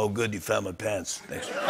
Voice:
Smoker's voice